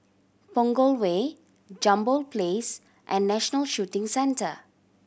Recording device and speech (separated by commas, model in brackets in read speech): boundary microphone (BM630), read sentence